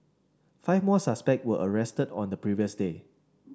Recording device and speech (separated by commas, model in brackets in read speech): standing microphone (AKG C214), read sentence